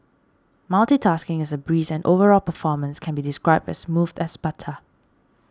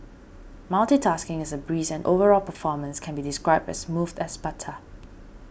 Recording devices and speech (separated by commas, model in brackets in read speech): standing microphone (AKG C214), boundary microphone (BM630), read sentence